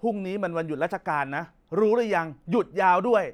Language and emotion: Thai, angry